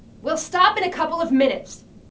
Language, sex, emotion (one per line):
English
female
angry